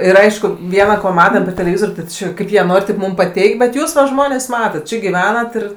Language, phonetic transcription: Lithuanian, ir ˈaišku ˈviena ko ˈmatam per teleˈvizor' ti ˈči ˈkaip jie ˈnor' rėp ˈmum paˈteik' bet ˈjūs va ˈžmonės ˈmatat ˈči giˈvenat ir

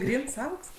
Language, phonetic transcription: Lithuanian, ˈgryns ˈauks

